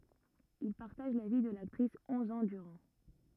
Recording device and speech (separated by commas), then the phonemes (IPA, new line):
rigid in-ear microphone, read sentence
il paʁtaʒ la vi də laktʁis ɔ̃z ɑ̃ dyʁɑ̃